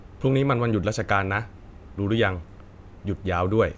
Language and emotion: Thai, neutral